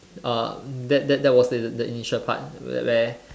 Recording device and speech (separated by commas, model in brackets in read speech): standing microphone, conversation in separate rooms